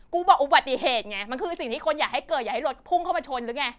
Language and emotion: Thai, angry